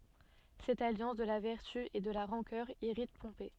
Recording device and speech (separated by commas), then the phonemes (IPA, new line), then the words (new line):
soft in-ear microphone, read sentence
sɛt aljɑ̃s də la vɛʁty e də la ʁɑ̃kœʁ iʁit pɔ̃pe
Cette alliance de la vertu et de la rancœur irrite Pompée.